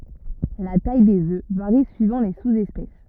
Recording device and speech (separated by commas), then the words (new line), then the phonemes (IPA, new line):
rigid in-ear microphone, read sentence
La taille des œufs varie suivant les sous-espèces.
la taj dez ø vaʁi syivɑ̃ le suzɛspɛs